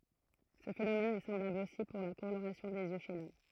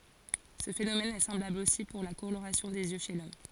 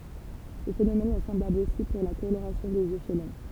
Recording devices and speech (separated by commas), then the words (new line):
throat microphone, forehead accelerometer, temple vibration pickup, read sentence
Ce phénomène est semblable aussi pour la coloration des yeux chez l'homme.